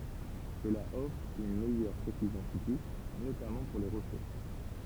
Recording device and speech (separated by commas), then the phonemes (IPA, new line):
temple vibration pickup, read sentence
səla ɔfʁ yn mɛjœʁ pʁesizjɔ̃ fizik notamɑ̃ puʁ le ʁəflɛ